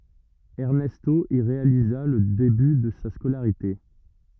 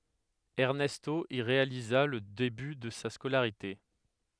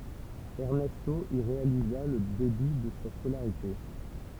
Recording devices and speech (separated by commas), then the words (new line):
rigid in-ear microphone, headset microphone, temple vibration pickup, read sentence
Ernesto y réalisa le début de sa scolarité.